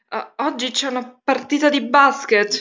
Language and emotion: Italian, fearful